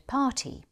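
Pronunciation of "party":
'Party' is said with a British English pronunciation.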